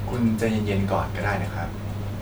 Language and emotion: Thai, neutral